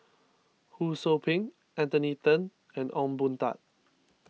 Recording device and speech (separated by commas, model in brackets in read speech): mobile phone (iPhone 6), read sentence